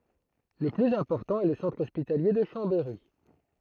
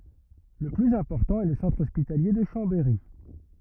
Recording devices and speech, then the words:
throat microphone, rigid in-ear microphone, read sentence
Le plus important est le centre hospitalier de Chambéry.

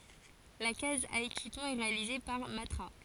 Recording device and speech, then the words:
forehead accelerometer, read sentence
La case à équipement est réalisée par Matra.

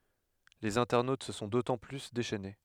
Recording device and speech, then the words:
headset microphone, read sentence
Les internautes se sont d'autant plus déchaînés.

